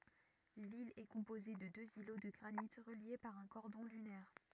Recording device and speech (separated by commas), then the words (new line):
rigid in-ear microphone, read sentence
L'île est composée de deux îlots de granite reliés par un cordon dunaire.